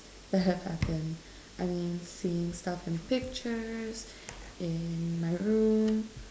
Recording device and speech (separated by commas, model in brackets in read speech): standing microphone, conversation in separate rooms